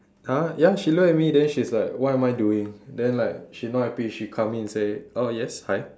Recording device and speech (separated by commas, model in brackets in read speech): standing microphone, conversation in separate rooms